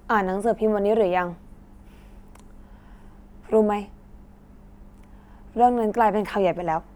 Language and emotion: Thai, neutral